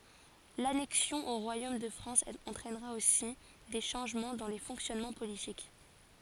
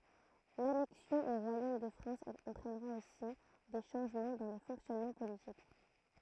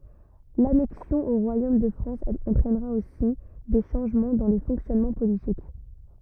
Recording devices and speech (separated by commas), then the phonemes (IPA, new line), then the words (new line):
forehead accelerometer, throat microphone, rigid in-ear microphone, read sentence
lanɛksjɔ̃ o ʁwajom də fʁɑ̃s ɑ̃tʁɛnʁa osi de ʃɑ̃ʒmɑ̃ dɑ̃ le fɔ̃ksjɔnmɑ̃ politik
L’annexion au royaume de France entraînera aussi des changements dans les fonctionnements politiques.